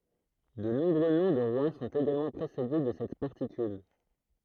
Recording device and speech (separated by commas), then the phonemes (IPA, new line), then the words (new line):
throat microphone, read sentence
də nɔ̃bʁø nɔ̃ də ʁwa sɔ̃t eɡalmɑ̃ pʁesede də sɛt paʁtikyl
De nombreux noms de rois sont également précédés de cette particule.